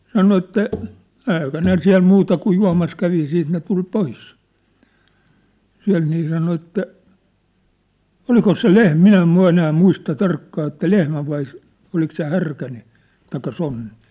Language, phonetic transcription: Finnish, sano että , 'ɛikä ne 'siä̭l 'muta kuj 'jua̭mas 'kävi 'siit ne tul "pois , 'siä̭lt nii sano että , "olkos se "lehm- "min ‿em̳ 'enää "muista "tarkkaa että "lehmä vai , olik se 'härkä nii , taikka 'sonni .
- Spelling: sanoi että eikä ne siellä muuta kuin juomassa kävi sitten ne tuli pois sieltä niin sanoi että onkos se - minä en enää muista tarkkaan että lehmä vai oliko se härkä niin tai sonni

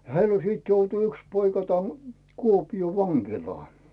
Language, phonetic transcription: Finnish, 'heil ‿o siit joutu 'yks poika tän , 'Kuopioo "vaŋkilaa .
- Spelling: heillä - sitten joutui yksi poika tänne Kuopioon vankilaan

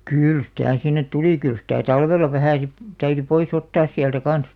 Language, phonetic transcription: Finnish, kỳl sⁱtä̀ 'sinnet "tulì kyl sⁱtä̀ 'talvella 'vähä̀ si- , täyry 'poi's ‿ottaas siältä "kan̬s .
- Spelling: kyllä sitä sinne tuli kyllä sitä talvella vähän - täytyi pois ottaa sieltä kanssa

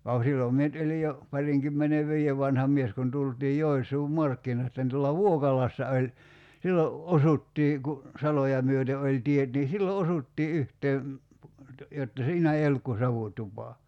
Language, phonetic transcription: Finnish, (va ku) 'sillòm mie nʸt 'oĺij̆ jo , 'pariŋkymmene"vii₍ev vanha 'mies kun 'tultii 'Joḙs̀uum "markkin(oista) ni tuolla "Vuokalassa oĺ , 'sillo , "osuttii ku , 'saloja myöte oĺ 'tiet nii 'sillo "osuttii 'yhtee , jotta 'siinä ei "olluk ku 'savutupa .
- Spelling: vaan kun silloin minä nyt olin jo parinkymmenenviiden vanha mies kun tultiin Joensuun markkinoista niin tuolla Vuokalassa oli silloin osuttiin kun saloja myöten oli tiet niin silloin osuttiin yhteen jotta siinä ei ollut kuin savutupa

